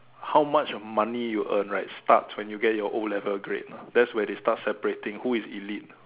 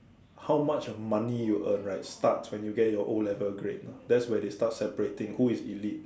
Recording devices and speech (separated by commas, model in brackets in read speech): telephone, standing microphone, conversation in separate rooms